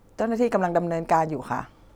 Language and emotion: Thai, neutral